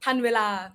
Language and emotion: Thai, neutral